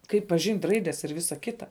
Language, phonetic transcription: Lithuanian, ˈkaip paˈžint' ˈraides ir ˈvisa ˈkita

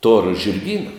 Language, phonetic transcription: Lithuanian, tor žirˈgyna

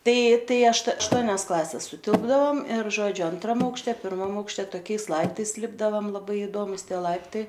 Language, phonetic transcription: Lithuanian, ˈtai ˈtai ašt ašˈtuonias ˈklases suˈtilpdavom ir ˈžodžiu anˈtram aukšˈte pirˈmam aukšˈte toˈkiais ˈlaiptais ˈlipdavam laˈbai idomus ˈtie ˈlaiptai

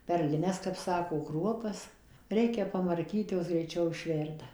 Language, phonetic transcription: Lithuanian, perliˈnes kap ˈsako ˈkruopas ˈreikia pamarˈkyt ˈjos greiˈčiau išˈverda

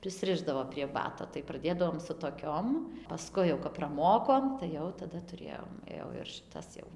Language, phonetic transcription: Lithuanian, prisˈrišdavo prie ˈbato tai praˈdėdavom su toˈkiom paˈskui jau kad praˈmokom tai ˈjau taˈda tuˈrėjom ˈjau ir šiˈtas jau

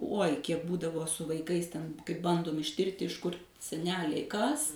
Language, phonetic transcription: Lithuanian, ˈuoj ˈkiek ˈbūdavo su vaiˈkais ˈten kai ˈbandom išˈtirti iš kur seˈneliai kas

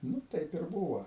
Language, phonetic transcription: Lithuanian, ˈnu ˈtaip ir ˈbūvo

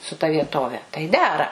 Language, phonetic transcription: Lithuanian, su ta vieˈtove tai ˈdera

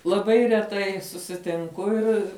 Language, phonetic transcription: Lithuanian, laˈbai reˈtai susitinˈku ˈir

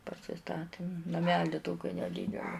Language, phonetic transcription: Lithuanian, pasiˈstatim naˈmeli ˈtoki neˈdydeli

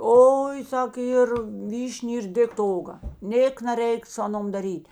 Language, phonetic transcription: Lithuanian, ˈoi ˈsak ˈyr ˈvyš'n' ir ˈdėkt to ˈoga ˈnėk naˈreik su ˈaˌnom daˈryt'

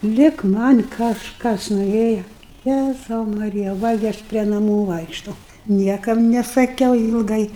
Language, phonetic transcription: Lithuanian, ˈlig ˈman' kažˈkas noˈrėja ˈjæzau maˈrija ˈva gi ˈaš prie naˈmų ˈvaikštau ˈniekam nesaˈkiau ilˈgai

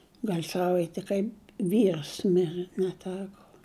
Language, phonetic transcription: Lithuanian, ˈgal' ˈsavaiti kaip ˈvyrs ˈmire neˈteko

